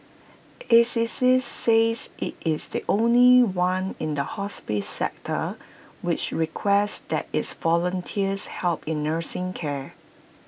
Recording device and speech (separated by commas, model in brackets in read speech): boundary microphone (BM630), read sentence